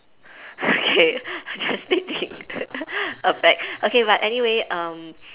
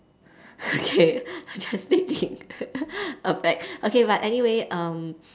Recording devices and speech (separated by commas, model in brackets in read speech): telephone, standing microphone, conversation in separate rooms